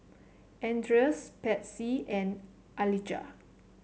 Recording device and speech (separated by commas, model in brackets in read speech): mobile phone (Samsung C7), read sentence